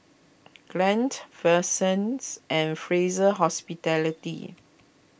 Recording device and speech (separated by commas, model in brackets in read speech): boundary microphone (BM630), read sentence